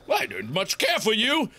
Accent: British accent